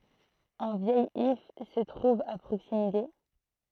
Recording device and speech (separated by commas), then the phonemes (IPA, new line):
throat microphone, read sentence
œ̃ vjɛj if sə tʁuv a pʁoksimite